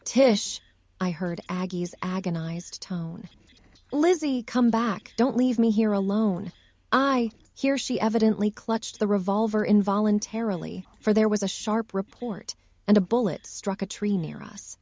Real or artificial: artificial